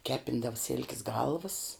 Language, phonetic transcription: Lithuanian, ˈkepindavə sil'k's ˈgalvəs

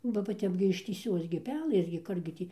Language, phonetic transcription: Lithuanian, ˈbaˈ ba ˈtep gi ištįˈsios gi ˈpelɘs gi ˈkur gi ˈtį

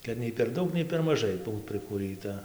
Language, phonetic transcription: Lithuanian, kad ˈnei per ˈdaug nei per maˈžai ˈbūt prikūˈrɨta

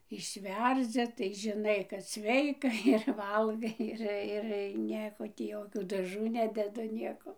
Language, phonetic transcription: Lithuanian, išˈverdzi tai žiˈnai kad ˈsveika ir ˈvalgai ˈir ir ˈnieko tį ˈjokių daˈžų ˈnededu ˈnieko

